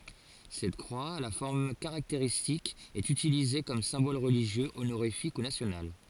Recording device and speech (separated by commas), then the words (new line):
forehead accelerometer, read sentence
Cette croix, à la forme caractéristique, est utilisée comme symbole religieux, honorifique ou national.